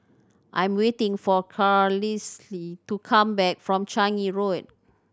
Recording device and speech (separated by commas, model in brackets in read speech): standing microphone (AKG C214), read sentence